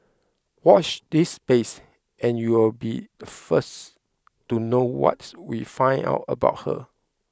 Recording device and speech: close-talking microphone (WH20), read sentence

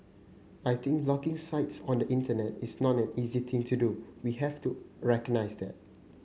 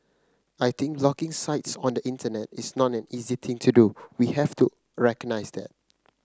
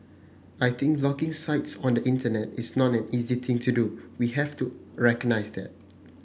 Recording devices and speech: mobile phone (Samsung C9), close-talking microphone (WH30), boundary microphone (BM630), read sentence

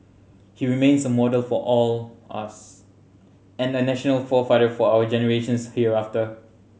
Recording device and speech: mobile phone (Samsung C7100), read sentence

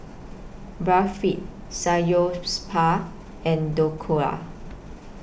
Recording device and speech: boundary microphone (BM630), read sentence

